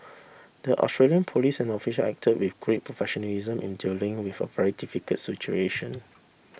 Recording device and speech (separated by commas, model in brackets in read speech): boundary microphone (BM630), read sentence